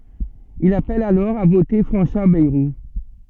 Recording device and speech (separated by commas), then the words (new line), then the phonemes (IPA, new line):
soft in-ear microphone, read sentence
Il appelle alors à voter François Bayrou.
il apɛl alɔʁ a vote fʁɑ̃swa bɛʁu